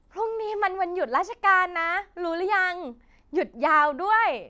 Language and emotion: Thai, happy